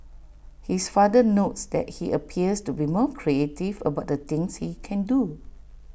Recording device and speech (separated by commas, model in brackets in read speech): boundary microphone (BM630), read sentence